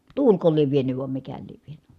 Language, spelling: Finnish, tuuliko lie vienyt vai mikä lie vienyt
- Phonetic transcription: tuulko liev vienyv vam mikä liev vieny .

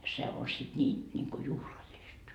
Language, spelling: Finnish, se on sitten niin niin kuin juhlallista
- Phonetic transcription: se o sit 'ńiin , ńiŋku "juhlallist .

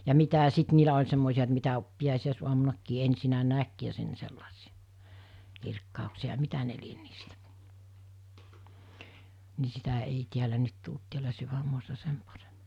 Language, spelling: Finnish, ja mitä ja sitten niillä oli semmoisia että mitä pääsiäisaamunakin ensin näki ja sen sellaisia kirkkauksia ja mitä ne lie niistä niin sitä ei täällä nyt tullut täällä sydänmaassa sen paremmin
- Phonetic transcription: ja 'mitä ( ‿a) 'sit niilä oĺ semmòisi₍a et mitä , 'piäsi₍ä̀is₍uamunakkii 'ensinä 'näk ja 'sen 'sellasi₍ᴀ , 'kirkkàuksia ( ‿a) 'mitä ne lien niistä , ni sitä 'ei tiälä 'nyt tult tiälä 'syvämmuassa 'sem parem(ɪ) .

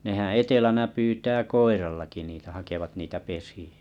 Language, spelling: Finnish, nehän etelänä pyytää koirallakin niitä hakevat niitä pesiä
- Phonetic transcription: nehää̰ 'etelänä 'pyytää "koirallaki niitä 'hakevat niitä 'pesì₍ᴀ̈ .

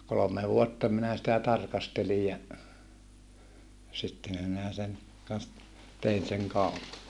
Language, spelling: Finnish, kolme vuotta minä sitä tarkastelin ja sittenhän minä sen kanssa - tein sen kaupan
- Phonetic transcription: kolome vuotta minä sitä tarkastelij ja , sitte(häm) minä sen , kans t- , tein seŋ kaupa .

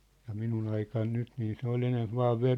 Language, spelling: Finnish, ja minun aikana nyt niin se oli enempi vain -
- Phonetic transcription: ja 'minun ‿aikan 'nyt nii se ‿ol 'enemp vaa 've- ,.

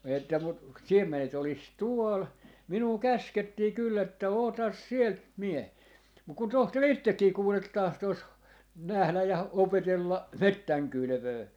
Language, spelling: Finnish, että mutta siemenet olisi tuolla minua käskettiin kyllä että ota sieltä - mutta kun tohtori itsekin kuule tahtoisi nähdä ja opetella metsän kylvöä
- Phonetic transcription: että mut , "siem̆me - net ‿olis "tuol » , 'minuu "käskettii 'kyll ‿että » "otas 'sielt "mie - » , muk kun 'tohtor "ittekkii 'kuulet 'tahtos , 'nähläj ja 'opetella , "mettäŋ 'kylʸvöö .

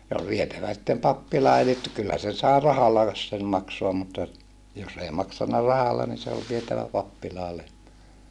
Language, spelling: Finnish, se oli vietävä sitten pappilaan eli - kyllä sen sai rahallakin sen maksaa mutta jos ei maksanut rahalla niin se oli vietävä pappilaan lehmä
- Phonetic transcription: se ol vietävä sⁱttem pappilaa elit tu - kyllä sen sài rahalla(is) sem maksoam mutta , jos ei maksanna rahalla ni se ol vietävä pappilaa lehmä .

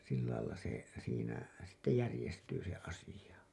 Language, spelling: Finnish, sillä lailla se siinä sitten järjestyy se asia
- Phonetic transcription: sill§lailla se , siinä , sitte 'järĭjestyy se 'asiʲa .

